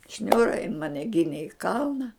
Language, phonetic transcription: Lithuanian, ˈšniūra jin ˈmane ˈginė i ˈkalna

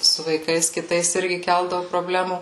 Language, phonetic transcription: Lithuanian, su vaiˈkais kiˈtais ˈirgi ˈkeldavu proˈblemų

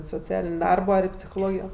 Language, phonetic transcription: Lithuanian, soˈcialin' ˈdarbo ar psichoˈlogijo

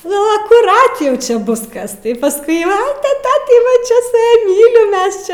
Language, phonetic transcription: Lithuanian, nu akuˈrat ˈjau ˈčia ˈbus ˈkas tai paˈskui ˈva tai ˈtą tai va ˈčia su ˈja ˈmylim ˈmes čia

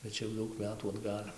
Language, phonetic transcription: Lithuanian, bet ˈčia jau ˈdaug ˈmetų atˈgal'

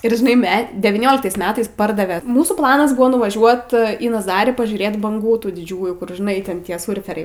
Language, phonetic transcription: Lithuanian, ir žiˈnai ˈme devyˈnioliktais ˈmetais ˈpardave ˈmūsų ˈplanas ˈbuvo nuvaˈžiuot į naˈzarį pažiūˈrėt banˈgų ˈtų diˈdžiųjų kur žiˈnai ten ˈtie ˈsurferiai

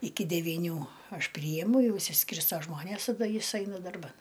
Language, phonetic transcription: Lithuanian, ˈiki devyˈnių ˈaš ˈpryjemu ˈjau išsiˈskirsto ˈžmonės taˈda ˈjis ˈaina darˈban

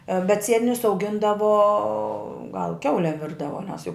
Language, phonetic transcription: Lithuanian, bet ˈsietinius auˈgindavo gal ˈkiaulem ˈvirdavo nes jau

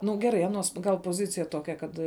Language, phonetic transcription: Lithuanian, nu ˈgeˌrai ˈanuos gal poˈzicija ˈtokia ˈkad

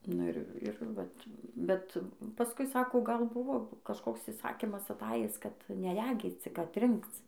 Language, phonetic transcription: Lithuanian, nu ˈir ˈir vat bet paˈskui ˈsako gal ˈbuvo kažˈkoks iˈsakimas aˈtajis kad neˈregyc ˈcik atˈrinkc

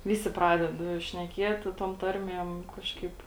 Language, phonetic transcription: Lithuanian, ˈvisi ˈpraded šneˈkieti tom ˈtarmiem ˈkažkaip

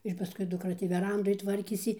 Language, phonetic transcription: Lithuanian, ir paˈskui dukˈra tį veˈrandoj ˈtvarkėsi

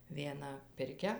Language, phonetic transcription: Lithuanian, vieˈna pirˈkia

